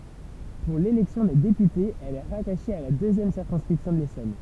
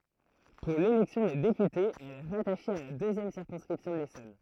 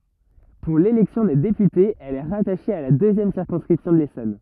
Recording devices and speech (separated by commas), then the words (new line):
temple vibration pickup, throat microphone, rigid in-ear microphone, read sentence
Pour l'élection des députés, elle est rattachée à la deuxième circonscription de l'Essonne.